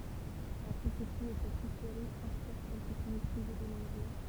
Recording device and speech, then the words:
temple vibration pickup, read sentence
La conception de cette soufflerie inspire celles qui sont utilisées de nos jours.

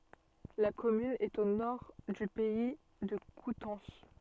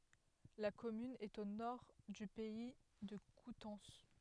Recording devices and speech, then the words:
soft in-ear microphone, headset microphone, read sentence
La commune est au nord du Pays de Coutances.

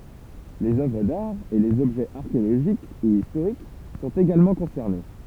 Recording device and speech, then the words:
temple vibration pickup, read sentence
Les œuvres d'art et les objets archéologiques ou historiques sont également concernés.

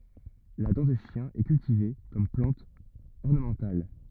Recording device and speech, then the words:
rigid in-ear microphone, read sentence
La dent de chien est cultivée comme plante ornementale.

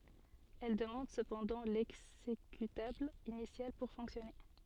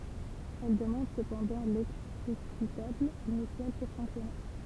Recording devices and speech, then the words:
soft in-ear microphone, temple vibration pickup, read sentence
Elle demande cependant l'exécutable initial pour fonctionner.

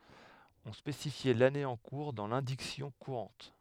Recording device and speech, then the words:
headset microphone, read sentence
On spécifiait l'année en cours dans l'indiction courante.

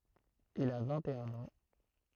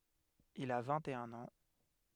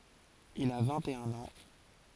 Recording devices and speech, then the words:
throat microphone, headset microphone, forehead accelerometer, read sentence
Il a vingt-et-un ans.

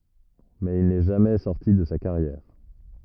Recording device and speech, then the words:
rigid in-ear microphone, read sentence
Mais il n’est jamais sorti de sa carrière.

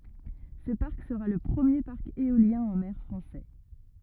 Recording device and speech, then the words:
rigid in-ear microphone, read sentence
Ce parc sera le premier parc éolien en mer français.

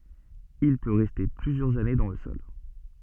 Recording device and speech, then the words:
soft in-ear microphone, read sentence
Il peut rester plusieurs années dans le sol.

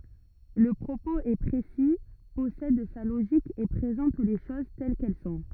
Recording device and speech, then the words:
rigid in-ear microphone, read sentence
Le propos est précis, possède sa logique et présente les choses telles qu'elles sont.

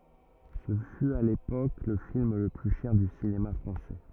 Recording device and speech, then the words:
rigid in-ear microphone, read sentence
Ce fut, à l'époque, le film le plus cher du cinéma français.

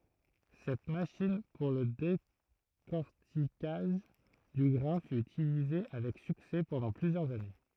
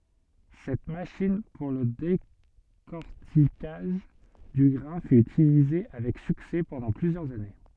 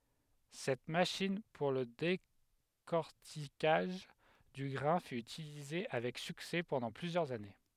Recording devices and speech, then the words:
throat microphone, soft in-ear microphone, headset microphone, read sentence
Cette machine pour le décorticage du grain fut utilisée avec succès pendant plusieurs années.

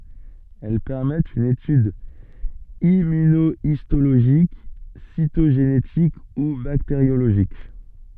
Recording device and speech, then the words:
soft in-ear microphone, read sentence
Elles permettent une étude immunohistologique, cytogénétique ou bactériologique.

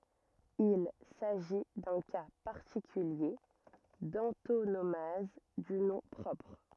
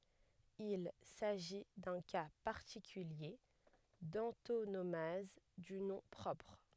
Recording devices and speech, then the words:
rigid in-ear microphone, headset microphone, read sentence
Il s'agit d'un cas particulier d'antonomase du nom propre.

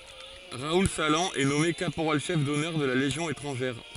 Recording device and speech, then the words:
forehead accelerometer, read sentence
Raoul Salan est nommé caporal-chef d'honneur de la Légion étrangère.

